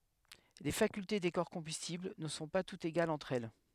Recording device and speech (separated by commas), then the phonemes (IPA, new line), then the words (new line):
headset microphone, read sentence
le fakylte de kɔʁ kɔ̃bystibl nə sɔ̃ pa tutz eɡalz ɑ̃tʁ ɛl
Les facultés des corps combustibles ne sont pas toutes égales entre elles.